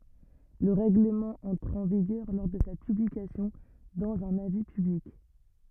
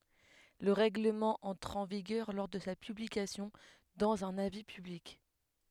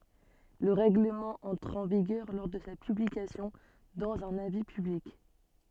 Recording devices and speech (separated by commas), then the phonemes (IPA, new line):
rigid in-ear microphone, headset microphone, soft in-ear microphone, read sentence
lə ʁɛɡləmɑ̃ ɑ̃tʁ ɑ̃ viɡœʁ lɔʁ də sa pyblikasjɔ̃ dɑ̃z œ̃n avi pyblik